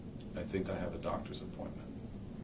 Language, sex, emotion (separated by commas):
English, male, neutral